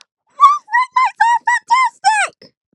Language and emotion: English, neutral